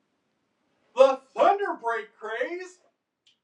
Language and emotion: English, disgusted